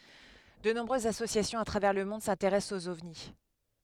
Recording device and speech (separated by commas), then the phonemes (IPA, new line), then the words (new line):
headset microphone, read sentence
də nɔ̃bʁøzz asosjasjɔ̃z a tʁavɛʁ lə mɔ̃d sɛ̃teʁɛst oz ɔvni
De nombreuses associations à travers le monde s'intéressent aux ovnis.